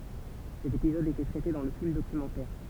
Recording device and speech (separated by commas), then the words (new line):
temple vibration pickup, read sentence
Cet épisode était traité dans le film documentaire.